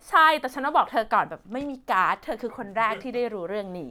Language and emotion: Thai, happy